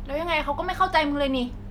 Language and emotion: Thai, frustrated